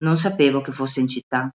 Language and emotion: Italian, neutral